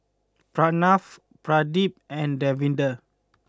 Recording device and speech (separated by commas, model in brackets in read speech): close-talking microphone (WH20), read sentence